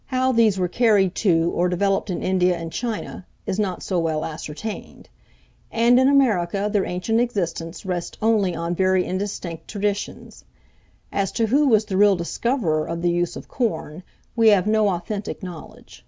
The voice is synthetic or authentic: authentic